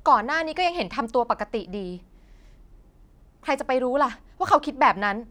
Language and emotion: Thai, frustrated